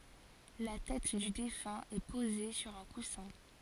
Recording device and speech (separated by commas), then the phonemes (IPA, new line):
forehead accelerometer, read sentence
la tɛt dy defœ̃ ɛ poze syʁ œ̃ kusɛ̃